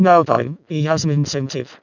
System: VC, vocoder